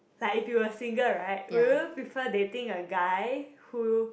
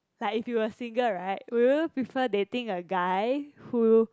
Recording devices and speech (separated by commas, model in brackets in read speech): boundary microphone, close-talking microphone, conversation in the same room